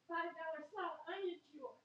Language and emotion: English, happy